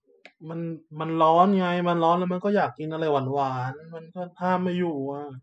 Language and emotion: Thai, frustrated